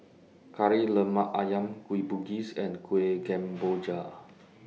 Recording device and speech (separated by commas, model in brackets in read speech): mobile phone (iPhone 6), read sentence